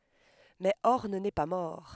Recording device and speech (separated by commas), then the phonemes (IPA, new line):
headset microphone, read sentence
mɛ ɔʁn nɛ pa mɔʁ